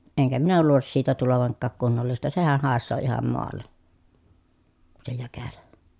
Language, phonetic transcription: Finnish, eŋkä minä luulis siitä tulovaŋkkaak kunnollista sehäh hàessoo iham moalle , se jäkälä .
- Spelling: enkä minä luulisi siitä tulevankaan kunnollista sehän haisee ihan maalle se jäkälä

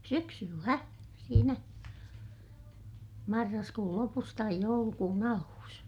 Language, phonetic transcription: Finnish, syksyllä , siinä , marraskuul lopus taij joulukuun ‿aluus .
- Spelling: syksyllä siinä marraskuun lopussa tai joulukuun alussa

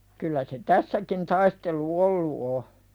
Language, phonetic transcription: Finnish, kyllä se 'tässäkin taistelu "ollu o .
- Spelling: kyllä se tässäkin taistelu ollut on

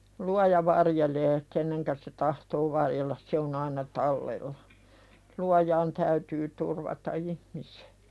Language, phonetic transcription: Finnish, luaja varjelee 'kenneŋkä se tahtoo "varjellas se on ‿aina "tallella , "luajaan täytyy turvata 'ihmisᴇ .
- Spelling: luoja varjelee kenet se tahtoo varjella se on aina tallella luojaan täytyy turvata ihmisten

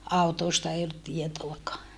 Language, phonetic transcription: Finnish, autoosta ei ollut tietoakaa .
- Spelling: autoista ei ollut tietoakaan

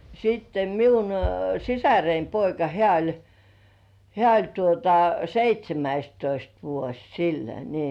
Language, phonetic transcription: Finnish, siitte miun "sisäreim poika 'hĕä̀ oĺ , 'hĕä̀ oĺ tuota "seit́śemäistoist vuoś sillä 'nii .
- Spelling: sitten minun sisareni poika hän oli hän oli tuota seitsemästoista vuosi sillä niin

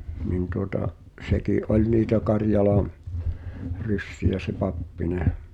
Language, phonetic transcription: Finnish, 'nin tuota’ , '’seklì , "’oĺ niitä 'Karjalaᵃ̰ , "ryssi₍ä se "Pappineh̆ .
- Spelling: niin tuota sekin oli niitä Karjalan ryssiä se Pappinen

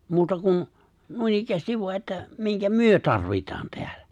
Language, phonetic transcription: Finnish, 'muuta kun , 'nuinikkäästiv voa että , 'miŋkä "myö 'tarvitaan 'teällᴀ̈ .
- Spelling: muuta kuin noinikään vain että minkä me tarvitaan täällä

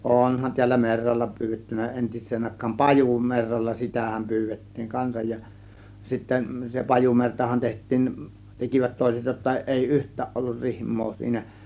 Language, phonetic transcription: Finnish, 'ˀònhan tiällä 'merralla pyyvettynä 'entis̆seen àėk̆kaan , "pajumerralla "sitä̀häm 'py̬§yvet̀tiiŋ 'kansaj ja , sitten se 'pajumertahan teht̆tiin , 'tekivät 'tòėset jotta ˀèi "yht̆tääˀ ˀollur "rihm̀oo siinä .
- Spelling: onhan täällä merralla pyydetty entiseen aikaan pajumerralla sitähän pyydettiin kanssa ja sitten se pajumertahan tehtiin tekivät toiset jotta ei yhtään ollut rihmaa siinä

